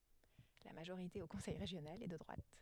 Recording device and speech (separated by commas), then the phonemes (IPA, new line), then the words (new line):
headset microphone, read sentence
la maʒoʁite o kɔ̃sɛj ʁeʒjonal ɛ də dʁwat
La majorité au conseil régional est de droite.